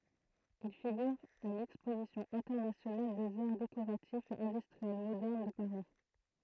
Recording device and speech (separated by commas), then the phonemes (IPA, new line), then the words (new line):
throat microphone, read sentence
il fiɡyʁ a lɛkspozisjɔ̃ ɛ̃tɛʁnasjonal dez aʁ dekoʁatifz e ɛ̃dystʁiɛl modɛʁn də paʁi
Il figure à l'exposition internationale des arts décoratifs et industriels modernes de Paris.